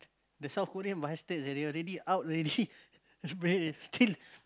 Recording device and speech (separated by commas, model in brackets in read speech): close-talking microphone, conversation in the same room